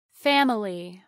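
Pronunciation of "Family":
'Family' is said with all of its syllables pronounced, and the unstressed vowel is not dropped.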